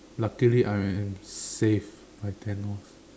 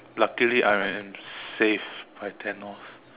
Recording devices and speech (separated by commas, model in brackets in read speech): standing microphone, telephone, conversation in separate rooms